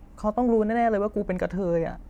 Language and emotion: Thai, sad